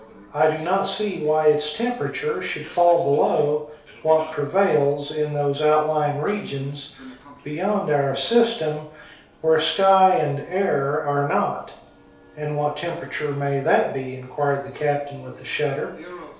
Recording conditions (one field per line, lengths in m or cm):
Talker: one person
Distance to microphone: 3.0 m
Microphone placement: far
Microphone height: 1.8 m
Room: small (3.7 m by 2.7 m)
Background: television